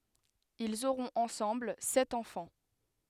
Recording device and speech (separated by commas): headset microphone, read sentence